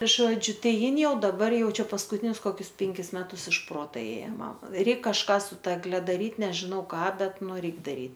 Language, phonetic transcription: Lithuanian, ˈžodžiu ˈtai ˈjin ˈjau daˈbar ˈjau ˈčia paskuˈtinius koˈkius ˈpenkis ˈmetus iš ˈprota ˈėja ˈmam ˈreik kažˈką su ˈta egˈle daˈryt nežiˈnau ˈką ˈbet ˈnu ˈreik daˈry

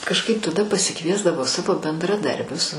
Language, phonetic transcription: Lithuanian, kažˈkaip taˈda pasiˈkviesdavo ˈsavo bendraˈdarbius

